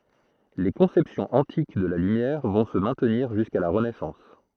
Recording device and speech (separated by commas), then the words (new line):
throat microphone, read sentence
Les conceptions antiques de la lumière vont se maintenir jusqu'à la Renaissance.